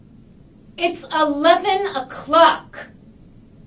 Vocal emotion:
angry